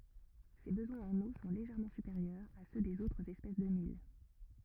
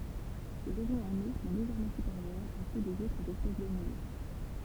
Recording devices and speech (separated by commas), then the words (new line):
rigid in-ear microphone, temple vibration pickup, read sentence
Ses besoins en eau sont légèrement supérieurs à ceux des autres espèces de mil.